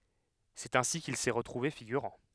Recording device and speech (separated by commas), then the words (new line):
headset microphone, read sentence
C'est ainsi qu'il s'est retrouvé figurant.